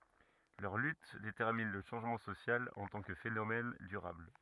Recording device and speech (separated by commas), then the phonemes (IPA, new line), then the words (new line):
rigid in-ear microphone, read sentence
lœʁ lyt detɛʁmin lə ʃɑ̃ʒmɑ̃ sosjal ɑ̃ tɑ̃ kə fenomɛn dyʁabl
Leurs luttes déterminent le changement social en tant que phénomène durable.